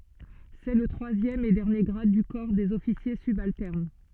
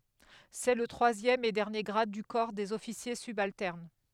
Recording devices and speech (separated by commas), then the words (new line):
soft in-ear microphone, headset microphone, read sentence
C'est le troisième et dernier grade du corps des officiers subalternes.